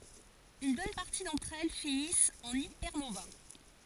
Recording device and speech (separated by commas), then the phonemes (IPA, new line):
forehead accelerometer, read sentence
yn bɔn paʁti dɑ̃tʁ ɛl finist ɑ̃n ipɛʁnova